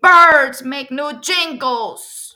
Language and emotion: English, sad